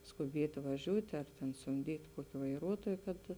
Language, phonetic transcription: Lithuanian, skuˈbiet' vaˈžiūt' ar tėn sumˈdyt' ˈkuoki vaiˈruotuoj kad

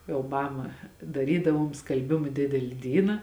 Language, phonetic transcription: Lithuanian, jau ˈmama daˈrydavom skalˈbima ˈdideli ˈdyna

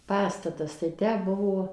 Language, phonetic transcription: Lithuanian, ˈpastatas tai ˈtę ˈbuvo

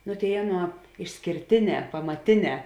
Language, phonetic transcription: Lithuanian, nu ˈtėi ˈaˌnuo išskėrˈtėˌnē pamaˈtėˌnē

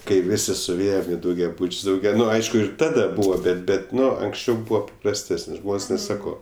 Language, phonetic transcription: Lithuanian, kai ˈvisi suˈvėjem i daugiaˈbuč's' dauˈgia ˈnu ˈaišku ir ˈtada ˈbūvo ˈbet ˈbet ˈnu anksˈčiau ˈbuo paprasˈtesən' ˈžmon's' ˈnes ˈsako

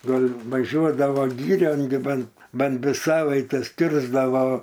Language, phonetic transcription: Lithuanian, ˈgal' vaˈžiuodava ˈgyrion gi ˈbant ˈban ˈdvi ˈsavaites ˈkirsdavo

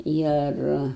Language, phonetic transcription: Lithuanian, ˈir

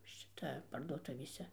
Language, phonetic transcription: Lithuanian, ˈšita parduoˈtuvėse

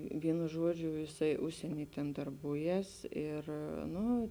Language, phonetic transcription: Lithuanian, ˈvienu ˈžuodžiu jiˈsai ˈužsieny ten darˈbūˌjes ˈir ˈnu

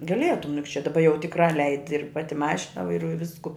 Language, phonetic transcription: Lithuanian, gaˈlietum juk čia daˈba jau tikˈrā ˈleidi ir ˈpati ˈmašina vaiˈruoju ˈvisku

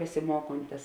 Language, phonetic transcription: Lithuanian, besiˈmuokontis

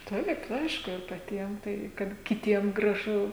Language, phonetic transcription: Lithuanian, ˈtaip ˈaišku ir paˈtiem tai kad kiˈtiem graˈžu

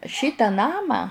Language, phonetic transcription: Lithuanian, ˈšytą ˈnamą

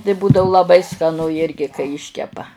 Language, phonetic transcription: Lithuanian, tai ˈbūdavu laˈbai skaˈnu ˈjirgi kai ˈiškepa

